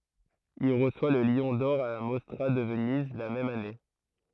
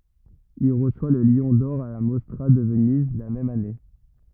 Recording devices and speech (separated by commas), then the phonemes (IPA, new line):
throat microphone, rigid in-ear microphone, read sentence
il ʁəswa lə ljɔ̃ dɔʁ a la mɔstʁa də vəniz la mɛm ane